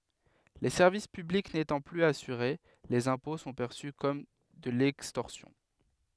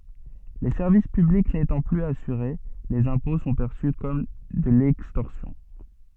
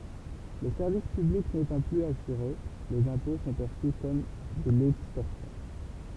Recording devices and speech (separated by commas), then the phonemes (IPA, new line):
headset microphone, soft in-ear microphone, temple vibration pickup, read sentence
le sɛʁvis pyblik netɑ̃ plyz asyʁe lez ɛ̃pɔ̃ sɔ̃ pɛʁsy kɔm də lɛkstɔʁsjɔ̃